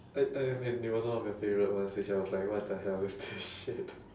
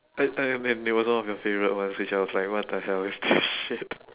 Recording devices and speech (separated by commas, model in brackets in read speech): standing microphone, telephone, conversation in separate rooms